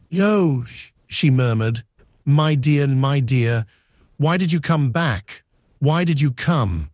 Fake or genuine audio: fake